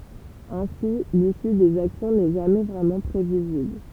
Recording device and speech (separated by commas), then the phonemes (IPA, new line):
temple vibration pickup, read sentence
ɛ̃si lisy dez aksjɔ̃ nɛ ʒamɛ vʁɛmɑ̃ pʁevizibl